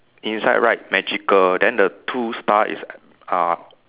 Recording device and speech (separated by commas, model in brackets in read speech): telephone, conversation in separate rooms